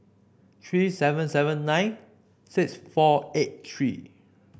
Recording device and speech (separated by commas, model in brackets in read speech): boundary microphone (BM630), read sentence